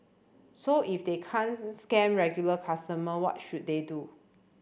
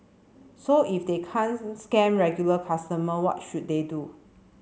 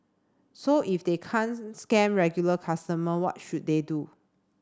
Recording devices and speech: boundary microphone (BM630), mobile phone (Samsung C7), standing microphone (AKG C214), read sentence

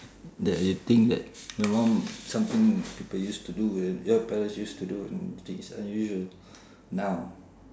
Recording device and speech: standing microphone, conversation in separate rooms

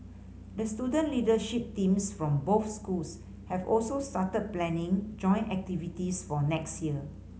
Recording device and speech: mobile phone (Samsung C5010), read sentence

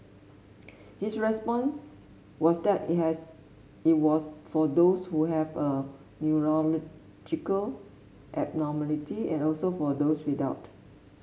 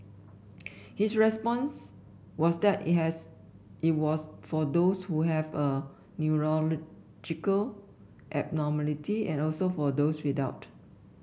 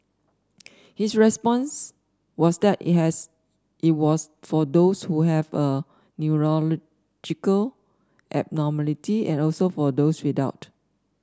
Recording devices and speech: mobile phone (Samsung S8), boundary microphone (BM630), standing microphone (AKG C214), read sentence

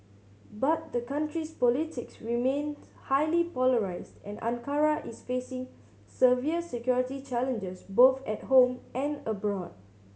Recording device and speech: mobile phone (Samsung C7100), read sentence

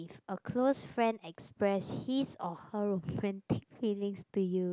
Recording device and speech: close-talking microphone, conversation in the same room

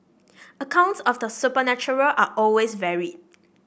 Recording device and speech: boundary microphone (BM630), read sentence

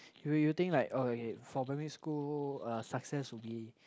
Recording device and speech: close-talking microphone, conversation in the same room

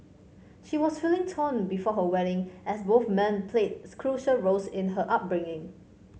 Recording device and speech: mobile phone (Samsung C5), read sentence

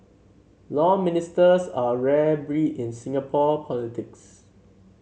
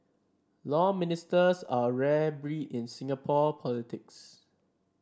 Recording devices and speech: mobile phone (Samsung C7), standing microphone (AKG C214), read sentence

